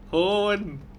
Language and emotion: Thai, happy